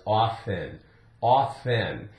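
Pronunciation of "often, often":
'Often' is said twice with a silent t, so no t sound is heard in either saying.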